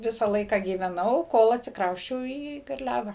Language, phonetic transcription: Lithuanian, ˈvisa ˈlaika gyveˈnau ˈkol atsikˈrausčiau į garˈliava

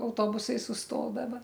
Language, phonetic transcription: Lithuanian, auˈtobusai susˈtodava

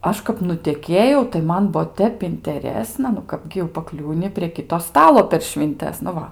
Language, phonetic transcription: Lithuanian, ˈaš kap nuteˈkėjau tai ˈman ˈbuo ˈtep inteˈresna nu ˈkapgi jau paˈkliūni prie ˈkito ˈstalo per švinˈtes nu ˈva

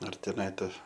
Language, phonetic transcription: Lithuanian, ar teˈnai ˈta

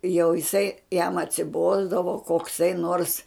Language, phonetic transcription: Lithuanian, jau jiˈsai jam atsiˈbosdavo kokˈsai nors

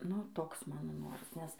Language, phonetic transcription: Lithuanian, nu ˈtoks ˈmano ˈnoras nes

